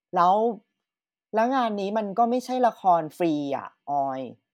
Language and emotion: Thai, frustrated